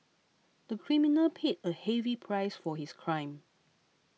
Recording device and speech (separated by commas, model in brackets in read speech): mobile phone (iPhone 6), read sentence